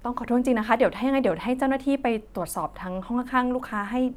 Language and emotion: Thai, neutral